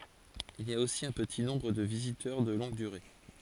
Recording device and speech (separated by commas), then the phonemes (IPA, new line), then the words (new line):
forehead accelerometer, read sentence
il i a osi œ̃ pəti nɔ̃bʁ də vizitœʁ də lɔ̃ɡ dyʁe
Il y a aussi un petit nombre de visiteurs de longue durée.